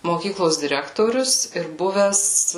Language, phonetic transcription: Lithuanian, moˈkyklos diˈrektorius ir ˈbuves

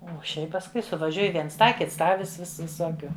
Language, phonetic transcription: Lithuanian, ˈuo ˈšiaip pasˈkui suvaˈžiuoj ˈviens ˈtą ˈkits ˈtą vis ˈvis viˈsokiu

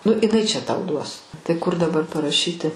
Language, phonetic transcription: Lithuanian, nu iˈnai čia tau ˈduos tai ˈkur daˈbar paraˈšyti

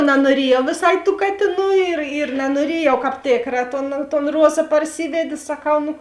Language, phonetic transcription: Lithuanian, nanuoˈriejau vėˈsai tų ˈkatėˌnų ir ir nenuoˈriejau ˈkāp ˈtėkra ˈton ton ˈruoza parˈsivedė saˈkau nu

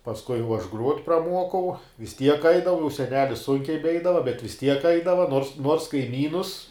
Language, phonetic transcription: Lithuanian, pasˈkui u ˈaš ˈgruot' praˈmuokau vis ˈtiek ˈaidavu jau seˈnelis ˈsunkiai beˈeidava bet vis ˈtiek ˈaidava nors ˈnuors kaiˈmynus

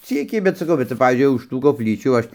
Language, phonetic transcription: Lithuanian, ˈcykiai bet saˈkau bet ˈva ˈpavyzdžiui už ˈtų kopˈlyčių ˈaš

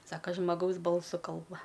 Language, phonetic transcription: Lithuanian, ˈsaka žmaˈgaus ˈbalsu ˈkalba

